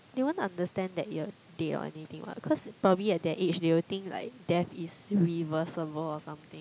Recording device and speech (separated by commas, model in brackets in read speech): close-talking microphone, conversation in the same room